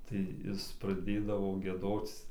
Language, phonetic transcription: Lithuanian, tai ˈjis praˈdėdavo gieˈdoc

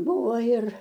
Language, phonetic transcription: Lithuanian, ˈbūvo ir

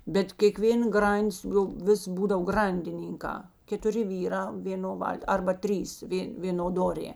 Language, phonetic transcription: Lithuanian, bet kėˈkvėn ˈgranˌdis jau ˈvis ˈbūdav ˈgrandinynkā ketuˈri ˈvyˌrā vėˈno ˈval't' ˈarba ˈtrys ˈvė ˈvėno ˈdorė

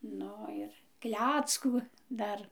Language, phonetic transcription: Lithuanian, ˈnu ˈir ˈkleckų ˈdar

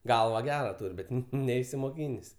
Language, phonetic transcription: Lithuanian, ˈgalva ˈgera ˈtūr' ˈbet ˈneisimoˌkynės'

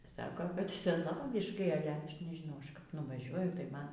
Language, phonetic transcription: Lithuanian, ˈsako kad seˈnoviškai ˈale ˈaš nežiˈnau ˈaš kap nuvaˈžiuoju tai ˈman

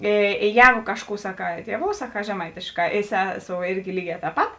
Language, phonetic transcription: Lithuanian, ė ė ˈjēgu ˈkažˌkų saˈkā ˈtieˌvou saˈkā žeˈmaitėšˌkā i ˈseˌsou ˈirgi ˈlyˌgē tēp ˈpat

